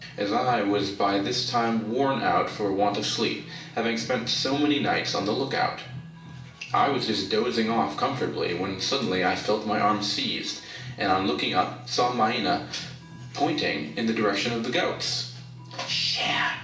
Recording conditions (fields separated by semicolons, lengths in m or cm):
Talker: one person; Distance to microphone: 1.8 m; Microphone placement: close; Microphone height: 1.0 m; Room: large; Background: music